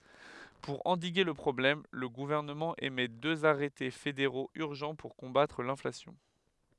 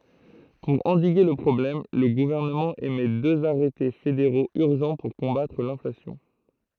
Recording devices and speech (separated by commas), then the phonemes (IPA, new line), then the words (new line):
headset microphone, throat microphone, read sentence
puʁ ɑ̃diɡe lə pʁɔblɛm lə ɡuvɛʁnəmɑ̃ emɛ døz aʁɛte fedeʁoz yʁʒɑ̃ puʁ kɔ̃batʁ lɛ̃flasjɔ̃
Pour endiguer le problème, le gouvernement émet deux arrêtés fédéraux urgents pour combattre l’inflation.